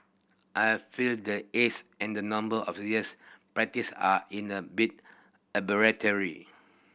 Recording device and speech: boundary microphone (BM630), read sentence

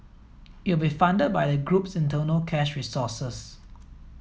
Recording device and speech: mobile phone (iPhone 7), read sentence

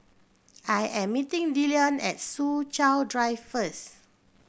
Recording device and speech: boundary microphone (BM630), read sentence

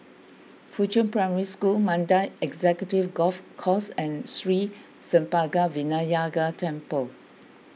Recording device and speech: mobile phone (iPhone 6), read sentence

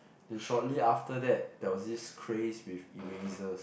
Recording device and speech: boundary microphone, conversation in the same room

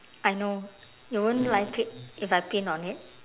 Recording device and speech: telephone, conversation in separate rooms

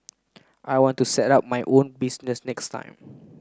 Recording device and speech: close-talking microphone (WH30), read sentence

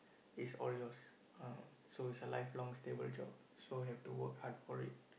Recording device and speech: boundary microphone, conversation in the same room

